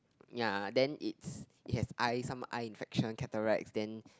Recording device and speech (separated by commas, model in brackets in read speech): close-talking microphone, conversation in the same room